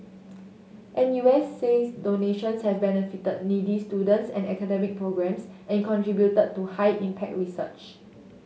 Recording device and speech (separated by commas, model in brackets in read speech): mobile phone (Samsung S8), read sentence